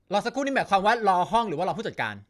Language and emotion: Thai, frustrated